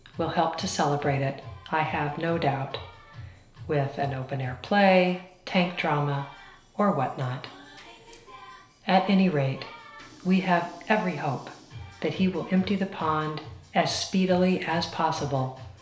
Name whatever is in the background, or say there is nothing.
Music.